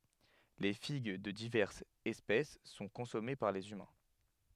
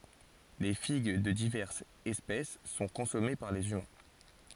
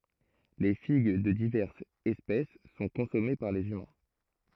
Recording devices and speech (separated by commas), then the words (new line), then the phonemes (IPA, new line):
headset microphone, forehead accelerometer, throat microphone, read sentence
Les figues de diverses espèces sont consommées par les humains.
le fiɡ də divɛʁsz ɛspɛs sɔ̃ kɔ̃sɔme paʁ lez ymɛ̃